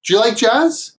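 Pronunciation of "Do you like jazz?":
In 'Do you', the d sound and the y sound run together, so it sounds more like a j sound.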